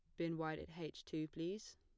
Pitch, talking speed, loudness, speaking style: 165 Hz, 230 wpm, -46 LUFS, plain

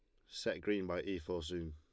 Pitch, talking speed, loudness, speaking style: 90 Hz, 250 wpm, -40 LUFS, Lombard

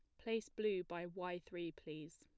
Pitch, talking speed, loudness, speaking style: 175 Hz, 180 wpm, -45 LUFS, plain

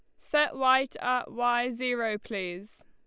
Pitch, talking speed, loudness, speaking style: 245 Hz, 135 wpm, -28 LUFS, Lombard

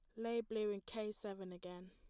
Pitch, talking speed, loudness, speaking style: 210 Hz, 215 wpm, -44 LUFS, plain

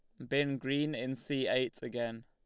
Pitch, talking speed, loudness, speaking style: 130 Hz, 185 wpm, -35 LUFS, Lombard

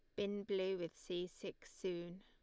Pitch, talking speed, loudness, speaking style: 185 Hz, 180 wpm, -44 LUFS, Lombard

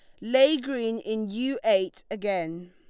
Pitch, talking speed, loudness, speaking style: 220 Hz, 145 wpm, -26 LUFS, Lombard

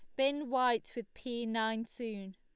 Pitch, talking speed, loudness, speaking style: 235 Hz, 165 wpm, -35 LUFS, Lombard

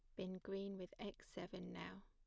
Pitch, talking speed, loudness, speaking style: 185 Hz, 195 wpm, -51 LUFS, plain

